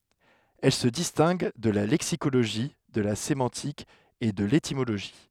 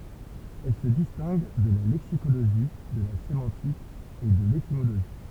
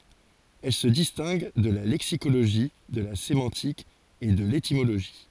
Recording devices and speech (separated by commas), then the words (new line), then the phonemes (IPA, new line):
headset microphone, temple vibration pickup, forehead accelerometer, read sentence
Elle se distingue de la lexicologie, de la sémantique et de l'étymologie.
ɛl sə distɛ̃ɡ də la lɛksikoloʒi də la semɑ̃tik e də letimoloʒi